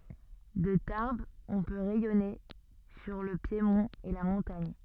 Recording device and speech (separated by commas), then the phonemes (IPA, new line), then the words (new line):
soft in-ear microphone, read sentence
də taʁbz ɔ̃ pø ʁɛjɔne syʁ lə pjemɔ̃t e la mɔ̃taɲ
De Tarbes on peut rayonner sur le piémont et la montagne.